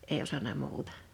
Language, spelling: Finnish, ei osannut muuta
- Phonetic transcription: '’èi osana 'muutᴀ .

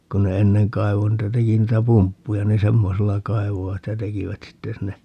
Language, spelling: Finnish, kun ne ennen kaivoi niitä teki niitä pumppuja niin semmoisella kaivoivat ja tekivät sitten sinne
- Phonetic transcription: 'kun ne "enneŋ 'kai̮vo niitä 'teki niitä "pumppuja ni "semmosella 'kai̮vovat ja 'tekivät 'sitte sinne , .

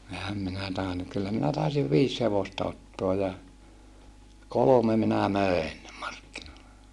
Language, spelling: Finnish, enhän minä tainnut kyllä minä taisin viisi hevosta ottaa ja kolme minä möin markkinoille
- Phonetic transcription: ehäm minä tàenu , kyllä minä tàisiv viis hevosta ottoa ja , kolome minä mö̀en , markkinoille .

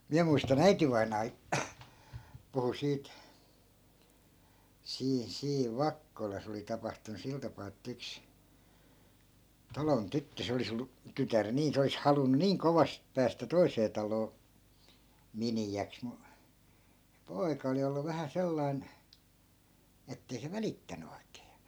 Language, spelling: Finnish, minä muistan äitivainaa puhui siitä siinä siinä Vakkolassa oli tapahtunut sillä tapaa että yksi talon tyttö se olisi ollut tytär niin se olisi halunnut niin kovasti päästä toiseen taloon miniäksi mutta se poika oli ollut vähän sellainen että ei se välittänyt oikein ja
- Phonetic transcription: 'miä muista"n ‿äitivainaa , puhu 'siit , 'siin 'siiv "vakkolas oli 'tapahtunu 'sil tapaa ettᵃ̈ 'yks , 'talon 'tyttö 'se olis ‿ollu , 'tytär 'nii 'se olis 'halunnu "niiŋ 'kovast päästä 'toisee taloo , "mini₍äks mu , se 'poi̮ka oli ollu vähä 'sellai̮n , 'ettei se "välittäny oikee (ja) .

